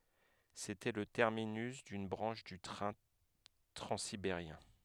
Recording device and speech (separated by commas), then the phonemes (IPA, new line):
headset microphone, read sentence
setɛ lə tɛʁminys dyn bʁɑ̃ʃ dy tʁɛ̃ tʁɑ̃sibeʁjɛ̃